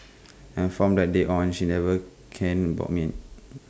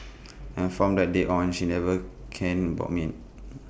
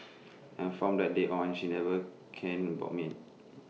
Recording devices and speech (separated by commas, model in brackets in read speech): close-talking microphone (WH20), boundary microphone (BM630), mobile phone (iPhone 6), read sentence